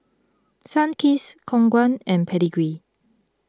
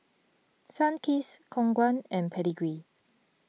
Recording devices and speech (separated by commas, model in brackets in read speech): close-talking microphone (WH20), mobile phone (iPhone 6), read sentence